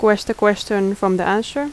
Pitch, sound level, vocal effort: 210 Hz, 81 dB SPL, normal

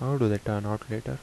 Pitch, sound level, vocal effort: 105 Hz, 77 dB SPL, soft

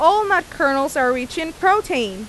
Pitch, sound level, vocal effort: 320 Hz, 94 dB SPL, very loud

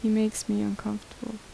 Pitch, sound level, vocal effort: 215 Hz, 75 dB SPL, soft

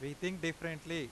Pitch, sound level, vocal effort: 165 Hz, 92 dB SPL, loud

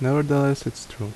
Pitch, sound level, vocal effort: 130 Hz, 74 dB SPL, normal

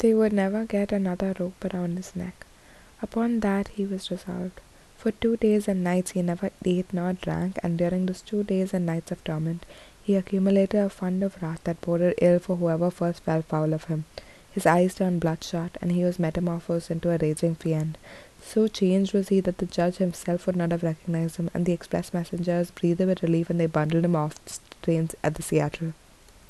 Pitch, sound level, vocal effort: 180 Hz, 72 dB SPL, soft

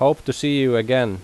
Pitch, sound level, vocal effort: 130 Hz, 88 dB SPL, loud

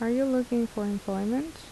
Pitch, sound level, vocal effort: 235 Hz, 77 dB SPL, soft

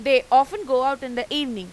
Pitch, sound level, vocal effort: 265 Hz, 99 dB SPL, loud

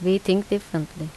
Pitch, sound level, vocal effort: 185 Hz, 80 dB SPL, normal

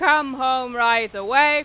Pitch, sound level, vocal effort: 260 Hz, 104 dB SPL, very loud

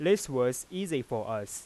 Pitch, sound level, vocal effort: 155 Hz, 92 dB SPL, normal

